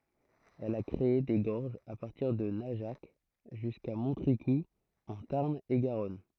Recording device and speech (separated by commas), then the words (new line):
throat microphone, read sentence
Elle a créé des gorges à partir de Najac, jusqu'à Montricoux en Tarn-et-Garonne.